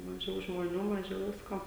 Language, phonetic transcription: Lithuanian, maˈžiau žmoˈnių maˈžiau ˈvisko

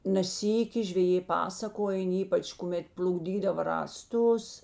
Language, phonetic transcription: Lithuanian, ne ˈsyki žveˈjė ˈpasakojen ˈypač kuˈmet pl'ukˈdydava rąˈstus

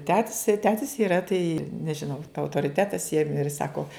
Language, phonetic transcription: Lithuanian, ˈtetis tai ˈtetis iˈra tai nežiˈnau autoriˈtetas jiem ir ˈsako

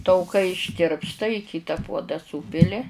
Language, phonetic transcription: Lithuanian, tauˈkai išˈtirpsta i ˈkyta ˈpuoda ˈsūpili

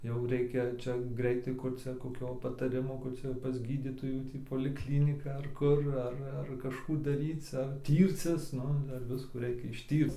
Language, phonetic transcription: Lithuanian, jau ˈreikia ˈčia ˈgreitai kur ˈcia koˈkio pataˈrimo ˈkur ˈcia jau pas ˈgydytojų ˈtį polikˈlynika ar ˈkur ˈar ar kažˈkų daˈryc ar ˈtyrcis ˈnu ˈdar ˈviskų ˈreikia išˈtyrc

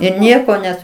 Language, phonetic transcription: Lithuanian, ir ˈnieko ˈnes

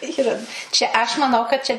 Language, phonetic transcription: Lithuanian, ˈyra ˈčia aš maˈnau kad ˈčia

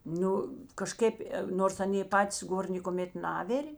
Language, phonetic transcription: Lithuanian, ˈnu kaˈžkėp ˈnors ˈanė ˈpatis ˈgor nėkoˈmėt ˈnavirė

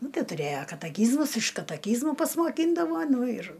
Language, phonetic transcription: Lithuanian, ˈnu ˈtai tuˈrėja kataˈkyzmus iš kataˈkyzmu pasmoˈkyndavo ˈnu ir

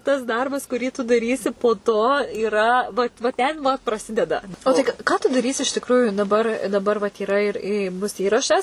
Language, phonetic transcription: Lithuanian, tas ˈdarbas kuˈrį tu daˈrysi po to yˈra vat va ten va praˈsideda o ˈtai ka ˈką tu daˈrysi iš tikˈrųju daˈbar daˈbar vat yˈra ir i ˈbus ˈįrašas

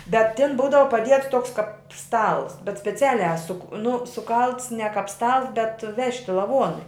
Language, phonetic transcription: Lithuanian, bet tin ˈbūdava paˈdiets ˈtoks kap ˈstals bet speˈcialiā su k nu suˈkalts ne kap ˈstals bet ˈvežti laˈvuonui

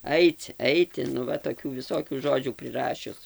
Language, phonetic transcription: Lithuanian, ˈaic ˈeiti nu ˈva toˈkių viˈsokių ˈžodžių priˈrašius

